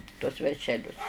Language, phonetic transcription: Lithuanian, tuos veršeˈlius

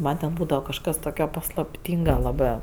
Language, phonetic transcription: Lithuanian, ˈman ten ˈbūdava kažˈkas ˈtokio paslapˈtynga laˈbɜ

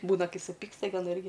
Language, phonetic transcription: Lithuanian, ˈbūna ˈkai suˈpiksta gi aˈna ˈirgi

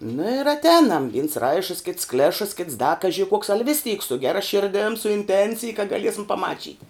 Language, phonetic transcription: Lithuanian, na ir atˈēnam vins ˈraišəs kits ˈklešəs kits da ˈkaži kuoks al' vis tyk su ˈgera ˈširdėm su inˈtencij ka gaˈliesim paˈmačyti

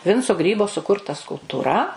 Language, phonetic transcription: Lithuanian, ˈvinco ˈgrybo suˈkurta skulptūˈra

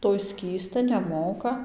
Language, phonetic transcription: Lithuanian, ˈtoj ˈskįsta neˈmoka

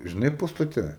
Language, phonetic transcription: Lithuanian, žiˈnai pastaˈte

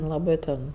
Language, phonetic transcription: Lithuanian, laˈbɜ ten

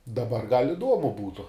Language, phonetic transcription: Lithuanian, daˈbar gal' iˈduomu ˈbūtu

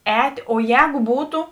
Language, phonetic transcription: Lithuanian, ˈēt' o ˈjēgu ˈbūtu

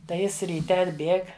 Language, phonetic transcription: Lithuanian, tai ˈjis ryˈte atˈbėg

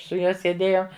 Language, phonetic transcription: Lithuanian, su ˈjuo sėˈdėjom

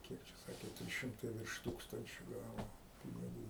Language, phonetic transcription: Lithuanian, ˈkiek čia ˈsakė ˈtrys ˈšimtai virš ˈtūkstančio ˈgavo piniˈgų

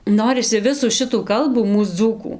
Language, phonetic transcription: Lithuanian, ˈnorisi ˈvisų ˈšitų ˈkalbų ˈmūs ˈdzūkų

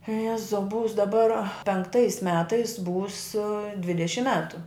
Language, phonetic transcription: Lithuanian, ˈjezau ˈbuvus daˈbar penkˈtais ˈmetais būs ˈdvidešim ˈmetu

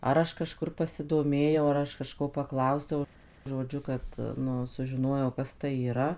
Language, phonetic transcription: Lithuanian, ˈar aš kaˈžkur pasidoˈmėjau ar ˈaš kaˈžko paˈklausiau žoˈdžiu kad ˈnu sužiˈnojau ˈkas tai yˈra

